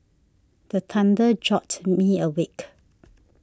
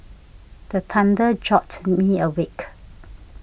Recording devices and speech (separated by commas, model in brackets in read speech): standing microphone (AKG C214), boundary microphone (BM630), read sentence